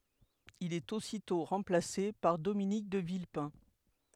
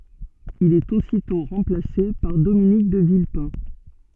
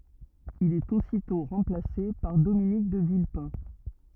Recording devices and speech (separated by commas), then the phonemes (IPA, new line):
headset microphone, soft in-ear microphone, rigid in-ear microphone, read sentence
il ɛt ositɔ̃ ʁɑ̃plase paʁ dominik də vilpɛ̃